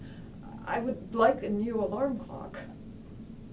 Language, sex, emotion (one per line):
English
female
sad